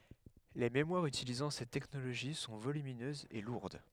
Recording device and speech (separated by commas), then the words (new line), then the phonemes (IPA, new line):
headset microphone, read sentence
Les mémoires utilisant cette technologie sont volumineuses et lourdes.
le memwaʁz ytilizɑ̃ sɛt tɛknoloʒi sɔ̃ volyminøzz e luʁd